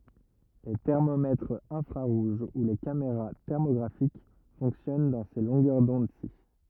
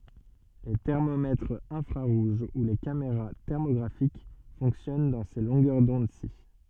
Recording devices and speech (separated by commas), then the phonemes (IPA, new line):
rigid in-ear microphone, soft in-ear microphone, read sentence
le tɛʁmomɛtʁz ɛ̃fʁaʁuʒ u le kameʁa tɛʁmoɡʁafik fɔ̃ksjɔn dɑ̃ se lɔ̃ɡœʁ dɔ̃dsi